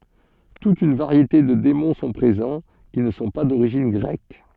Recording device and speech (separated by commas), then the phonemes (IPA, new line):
soft in-ear microphone, read sentence
tut yn vaʁjete də demɔ̃ sɔ̃ pʁezɑ̃ ki nə sɔ̃ pa doʁiʒin ɡʁɛk